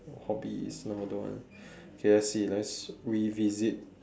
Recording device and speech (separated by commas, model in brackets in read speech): standing microphone, conversation in separate rooms